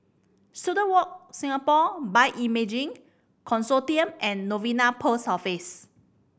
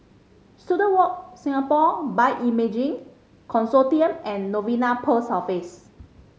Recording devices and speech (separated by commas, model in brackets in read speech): boundary microphone (BM630), mobile phone (Samsung C5010), read sentence